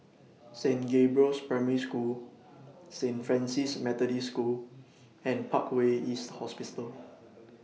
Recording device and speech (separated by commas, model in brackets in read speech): mobile phone (iPhone 6), read sentence